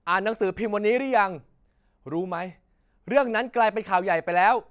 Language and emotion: Thai, angry